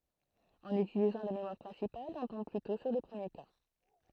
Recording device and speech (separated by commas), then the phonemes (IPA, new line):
throat microphone, read sentence
ɑ̃n ytilizɑ̃ la memwaʁ pʁɛ̃sipal ɔ̃ tɔ̃b plytɔ̃ syʁ lə pʁəmje ka